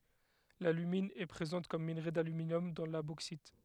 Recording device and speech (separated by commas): headset microphone, read sentence